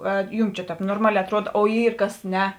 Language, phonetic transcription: Lithuanian, ˈar ˈjūm čia ˈtēp norˈmaˌlē atˈruod o ˈyr ˈkas ˈne

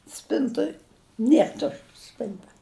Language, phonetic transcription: Lithuanian, ˈspintoj ˈnier ˈtušč ˈspinta

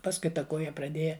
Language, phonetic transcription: Lithuanian, ˈpaskui ˈta ˈkoja praˈdėja

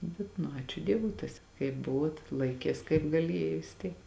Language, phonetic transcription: Lithuanian, ˈbet nu ˈačiu ˈdievui ˈtas kaip ˈbuvuot ˈlaikės kaip gaˈlėja vis ˈtiek

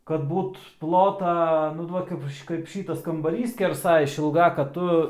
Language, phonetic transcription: Lithuanian, kad ˈbūt ˈplota nu ˈduok kaip kaip ˈšytas kambaˈrys skerˈsa išilˈga kad ˈtu

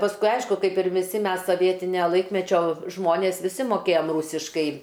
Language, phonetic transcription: Lithuanian, pasˈkui ˈaišku ˈkaip ir viˈsi ˈmes soˈvietinio ˈlaikmečio ˈžmonės viˈsi moˈkėjam ˈrūsiškai

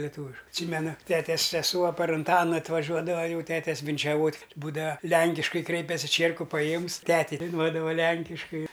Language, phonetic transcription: Lithuanian, leˈtūviš atˈsymenu ˈtetes seˈsuo par unˈtana atvaˈžiuodava ˈjau ˈtetes vinčiaˈvot' ˈbūdava ˈlænkiškai ˈkreipiasi ˈčierku paˈjiemus ˈtetei daiˈnuodava ˈlenkiškai

